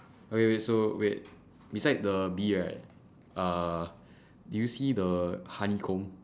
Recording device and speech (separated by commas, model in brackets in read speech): standing microphone, conversation in separate rooms